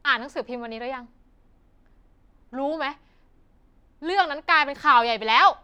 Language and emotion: Thai, angry